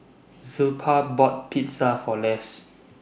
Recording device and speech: boundary microphone (BM630), read sentence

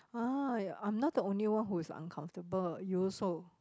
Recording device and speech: close-talking microphone, conversation in the same room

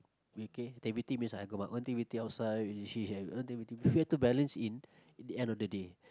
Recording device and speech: close-talking microphone, conversation in the same room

